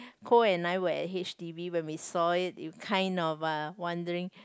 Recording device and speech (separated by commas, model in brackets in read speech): close-talking microphone, conversation in the same room